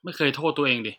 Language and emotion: Thai, frustrated